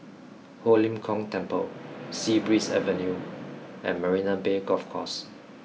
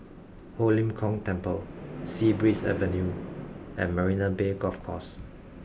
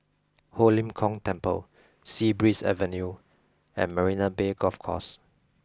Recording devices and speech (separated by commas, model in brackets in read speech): mobile phone (iPhone 6), boundary microphone (BM630), close-talking microphone (WH20), read sentence